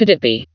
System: TTS, vocoder